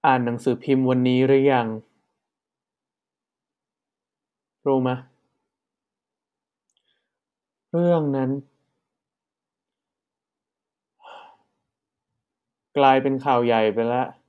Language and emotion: Thai, frustrated